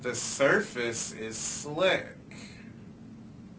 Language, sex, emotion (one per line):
English
male
disgusted